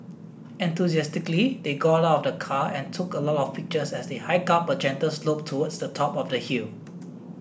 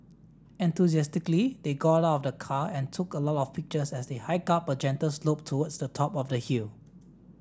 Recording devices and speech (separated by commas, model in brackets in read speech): boundary microphone (BM630), standing microphone (AKG C214), read sentence